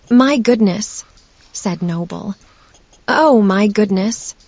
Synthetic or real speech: synthetic